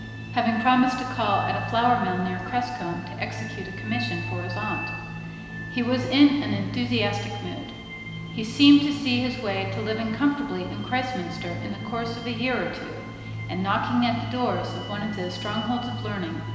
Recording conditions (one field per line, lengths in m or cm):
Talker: one person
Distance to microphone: 1.7 m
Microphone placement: close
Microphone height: 1.0 m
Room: very reverberant, large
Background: music